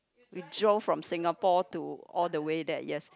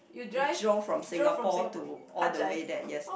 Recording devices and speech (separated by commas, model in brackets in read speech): close-talking microphone, boundary microphone, conversation in the same room